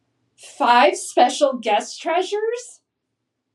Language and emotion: English, happy